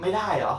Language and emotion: Thai, frustrated